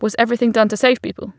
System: none